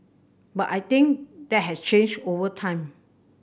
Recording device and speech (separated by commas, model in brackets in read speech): boundary microphone (BM630), read sentence